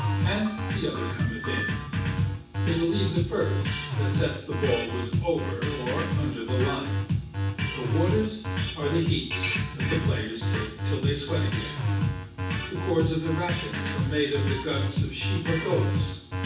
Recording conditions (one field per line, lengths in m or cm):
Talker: one person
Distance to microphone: 9.8 m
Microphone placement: far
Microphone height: 1.8 m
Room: large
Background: music